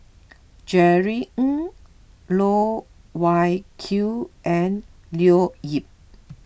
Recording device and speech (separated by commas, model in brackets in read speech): boundary microphone (BM630), read sentence